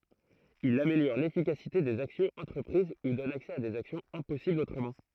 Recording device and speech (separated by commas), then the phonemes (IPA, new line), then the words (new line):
throat microphone, read sentence
il ameljɔʁ lefikasite dez aksjɔ̃z ɑ̃tʁəpʁiz u dɔn aksɛ a dez aksjɔ̃z ɛ̃pɔsiblz otʁəmɑ̃
Il améliore l'efficacité des actions entreprises ou donne accès à des actions impossibles autrement.